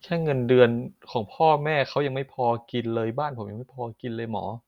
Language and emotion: Thai, sad